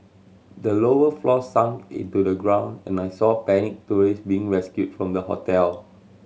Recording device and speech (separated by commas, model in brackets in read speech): mobile phone (Samsung C7100), read sentence